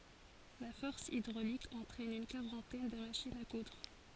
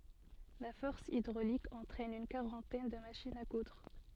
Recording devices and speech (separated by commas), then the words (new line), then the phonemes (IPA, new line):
forehead accelerometer, soft in-ear microphone, read sentence
La force hydraulique entraîne une quarantaine de machines à coudre.
la fɔʁs idʁolik ɑ̃tʁɛn yn kaʁɑ̃tɛn də maʃinz a kudʁ